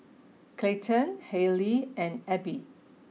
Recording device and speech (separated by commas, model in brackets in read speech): mobile phone (iPhone 6), read sentence